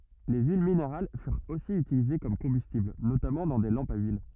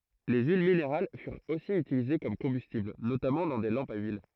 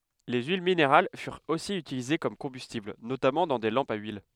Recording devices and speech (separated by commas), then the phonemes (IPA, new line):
rigid in-ear microphone, throat microphone, headset microphone, read sentence
le yil mineʁal fyʁt osi ytilize kɔm kɔ̃bystibl notamɑ̃ dɑ̃ de lɑ̃pz a yil